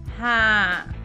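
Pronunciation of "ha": The 'ha' is sighed out with a very, very nasal sound.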